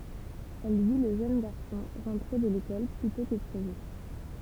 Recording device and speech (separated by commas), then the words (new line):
temple vibration pickup, read sentence
Elle vit le jeune garçon rentrer de l'école plus tôt que prévu.